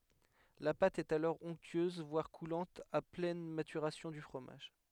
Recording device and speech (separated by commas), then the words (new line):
headset microphone, read sentence
La pâte est alors onctueuse voire coulante à pleine maturation du fromage.